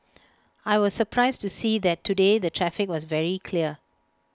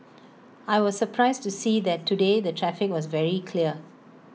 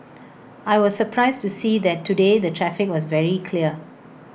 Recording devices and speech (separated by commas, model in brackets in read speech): close-talking microphone (WH20), mobile phone (iPhone 6), boundary microphone (BM630), read sentence